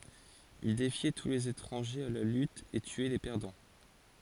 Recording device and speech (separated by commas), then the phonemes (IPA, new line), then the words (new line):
forehead accelerometer, read sentence
il defjɛ tu lez etʁɑ̃ʒez a la lyt e tyɛ le pɛʁdɑ̃
Il défiait tous les étrangers à la lutte et tuait les perdants.